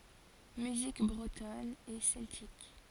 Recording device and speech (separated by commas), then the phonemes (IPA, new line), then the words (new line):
forehead accelerometer, read sentence
myzik bʁətɔn e sɛltik
Musique bretonne et celtique.